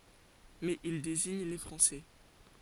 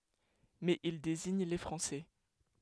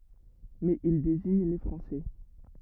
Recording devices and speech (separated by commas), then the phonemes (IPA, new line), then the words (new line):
forehead accelerometer, headset microphone, rigid in-ear microphone, read sentence
mɛz il deziɲ le fʁɑ̃sɛ
Mais il désigne les Français.